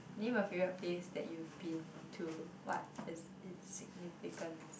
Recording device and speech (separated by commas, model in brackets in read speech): boundary microphone, conversation in the same room